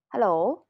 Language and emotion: Thai, neutral